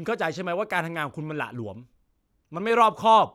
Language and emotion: Thai, angry